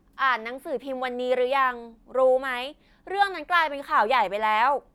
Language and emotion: Thai, angry